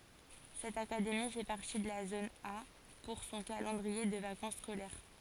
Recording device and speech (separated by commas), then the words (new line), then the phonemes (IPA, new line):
forehead accelerometer, read sentence
Cette académie fait partie de la zone A pour son calendrier de vacances scolaires.
sɛt akademi fɛ paʁti də la zon a puʁ sɔ̃ kalɑ̃dʁie də vakɑ̃s skolɛʁ